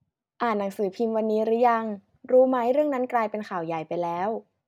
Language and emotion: Thai, neutral